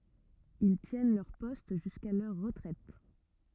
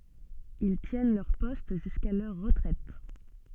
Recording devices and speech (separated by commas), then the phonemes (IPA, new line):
rigid in-ear microphone, soft in-ear microphone, read sentence
il tjɛn lœʁ pɔst ʒyska lœʁ ʁətʁɛt